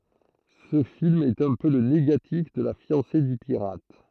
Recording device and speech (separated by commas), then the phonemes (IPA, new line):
throat microphone, read sentence
sə film ɛt œ̃ pø lə neɡatif də la fjɑ̃se dy piʁat